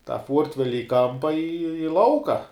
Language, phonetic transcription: Lithuanian, tą ˈfuortveli i ˈkampa i i ˈlauka

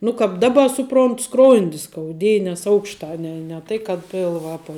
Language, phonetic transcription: Lithuanian, nu kāp ˈdaba ˈsuprontu ˈskrondi skauˈdėja nes ˈaukšta ˈne ne ˈtai kad ˈpilva ˈapa

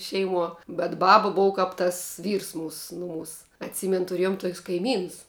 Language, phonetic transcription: Lithuanian, ˈšeiˌmuo bet ˈbaba ˈbova ˈkap tas ˈvyrs ˈmūs ˈnuˌmūs atˈsymen tuˈrėjom tuok's' kaiˈmynus

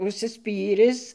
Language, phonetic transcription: Lithuanian, užsiˈspyris

